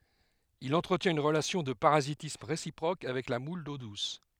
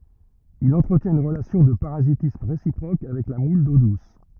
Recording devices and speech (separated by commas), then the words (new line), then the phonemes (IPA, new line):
headset microphone, rigid in-ear microphone, read sentence
Il entretient une relation de parasitisme réciproque avec la moule d'eau douce.
il ɑ̃tʁətjɛ̃t yn ʁəlasjɔ̃ də paʁazitism ʁesipʁok avɛk la mul do dus